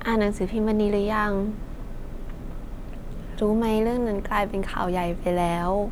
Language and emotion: Thai, sad